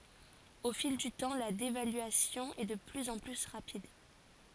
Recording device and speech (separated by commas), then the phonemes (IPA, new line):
forehead accelerometer, read sentence
o fil dy tɑ̃ la devalyasjɔ̃ ɛ də plyz ɑ̃ ply ʁapid